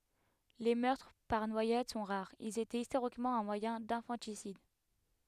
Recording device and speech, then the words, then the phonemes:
headset microphone, read sentence
Les meurtres par noyade sont rares, ils étaient historiquement un moyen d'infanticide.
le mœʁtʁ paʁ nwajad sɔ̃ ʁaʁz ilz etɛt istoʁikmɑ̃ œ̃ mwajɛ̃ dɛ̃fɑ̃tisid

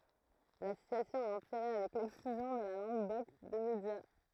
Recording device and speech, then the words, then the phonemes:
throat microphone, read sentence
La situation a empiré avec l'exclusion de la langue d'oc des médias.
la sityasjɔ̃ a ɑ̃piʁe avɛk lɛksklyzjɔ̃ də la lɑ̃ɡ dɔk de medja

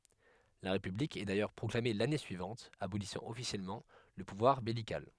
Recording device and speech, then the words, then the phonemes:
headset microphone, read sentence
La république est d'ailleurs proclamée l'année suivante, abolissant officiellement le pouvoir beylical.
la ʁepyblik ɛ dajœʁ pʁɔklame lane syivɑ̃t abolisɑ̃ ɔfisjɛlmɑ̃ lə puvwaʁ bɛlikal

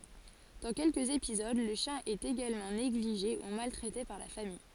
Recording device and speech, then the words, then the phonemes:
forehead accelerometer, read sentence
Dans quelques épisodes, le chien est également négligé ou maltraité par la famille.
dɑ̃ kɛlkəz epizod lə ʃjɛ̃ ɛt eɡalmɑ̃ neɡliʒe u maltʁɛte paʁ la famij

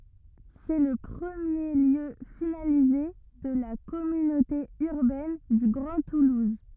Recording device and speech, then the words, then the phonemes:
rigid in-ear microphone, read sentence
C'est le premier lieu finalisé de la Communauté Urbaine du Grand Toulouse.
sɛ lə pʁəmje ljø finalize də la kɔmynote yʁbɛn dy ɡʁɑ̃ tuluz

